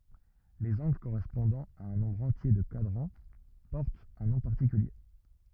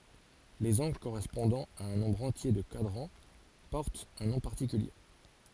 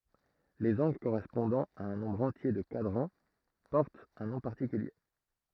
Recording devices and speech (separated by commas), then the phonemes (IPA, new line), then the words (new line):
rigid in-ear microphone, forehead accelerometer, throat microphone, read sentence
lez ɑ̃ɡl koʁɛspɔ̃dɑ̃ a œ̃ nɔ̃bʁ ɑ̃tje də kwadʁɑ̃ pɔʁtt œ̃ nɔ̃ paʁtikylje
Les angles correspondant à un nombre entier de quadrants portent un nom particulier.